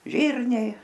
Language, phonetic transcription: Lithuanian, ˈžyrniai

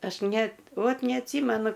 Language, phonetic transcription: Lithuanian, ˈaš ˈnet ˈvot neatˈsymenu

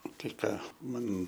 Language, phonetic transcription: Lithuanian, ˈtai ˈką ˈman

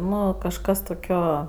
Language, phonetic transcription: Lithuanian, ˈnu kažˈkas toˈkio

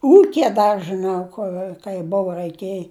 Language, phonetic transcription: Lithuanian, ˈūkije ˈdar žɨˈnau ˈkur kai ˈbova raiˈkėj

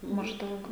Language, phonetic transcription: Lithuanian, mažˈdaug

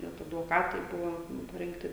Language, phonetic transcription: Lithuanian, ˈnet advoˈkatai ˈbuvo parinkˈti

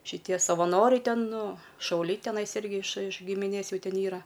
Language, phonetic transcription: Lithuanian, šiˈtie savaˈnoriai ˈten ˈnu šauˈliai teˈnais ˈirgi iš iš gimiˈnės ˈjų ˈten ˈyra

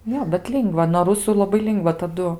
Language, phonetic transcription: Lithuanian, ˈjo bet ˈlingva noˈ rusu laˈbai ˈlingva taˈdu

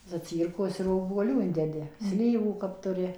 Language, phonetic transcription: Lithuanian, zaˈcyrkos ir obuoˈlių ˈindedi ˈslyvų kap tuˈri

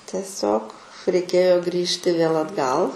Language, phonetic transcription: Lithuanian, tieˈsiog reiˈkėjo ˈgrįžti vėl atˈgal

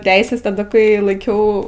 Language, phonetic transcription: Lithuanian, ˈteises taˈda kai laiˈkiau

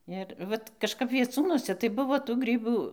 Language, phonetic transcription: Lithuanian, ir ˈvat kažˈkap vieˈcūnuose tai ˈbuvo tų ˈgrybų

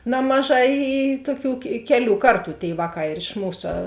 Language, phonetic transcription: Lithuanian, ˈnamaˌžā i i ˈtuoˌkių ke ˈkeˌlių ˈkarˌtų tėi ˈvāˌkā ir iš ˈmūsa

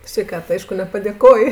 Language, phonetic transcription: Lithuanian, sveiˈkat ˈaišku nepadėˈko

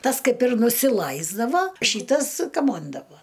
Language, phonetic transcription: Lithuanian, ˈtas ˈkaip ir nusiˈlaisdava ˈšytas kaˈmondavo

